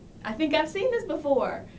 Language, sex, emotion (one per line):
English
female
happy